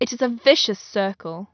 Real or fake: real